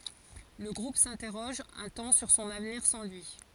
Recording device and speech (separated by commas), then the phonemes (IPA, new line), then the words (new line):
forehead accelerometer, read sentence
lə ɡʁup sɛ̃tɛʁɔʒ œ̃ tɑ̃ syʁ sɔ̃n avniʁ sɑ̃ lyi
Le groupe s'interroge un temps sur son avenir sans lui.